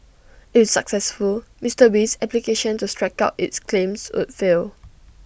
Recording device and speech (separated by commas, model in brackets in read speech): boundary microphone (BM630), read sentence